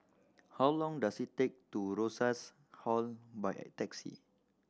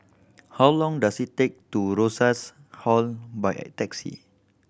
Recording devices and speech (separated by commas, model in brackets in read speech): standing microphone (AKG C214), boundary microphone (BM630), read sentence